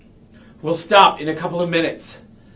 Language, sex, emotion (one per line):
English
male
angry